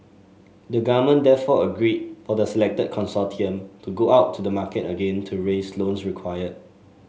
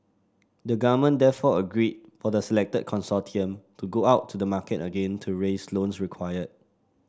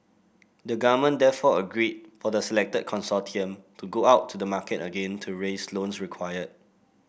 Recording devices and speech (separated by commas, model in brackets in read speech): mobile phone (Samsung S8), standing microphone (AKG C214), boundary microphone (BM630), read sentence